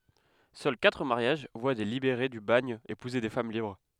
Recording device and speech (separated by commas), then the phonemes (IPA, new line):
headset microphone, read sentence
sœl katʁ maʁjaʒ vwa de libeʁe dy baɲ epuze de fam libʁ